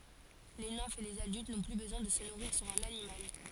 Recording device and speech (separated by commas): forehead accelerometer, read sentence